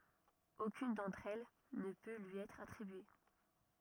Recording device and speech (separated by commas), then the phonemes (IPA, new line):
rigid in-ear microphone, read sentence
okyn dɑ̃tʁ ɛl nə pø lyi ɛtʁ atʁibye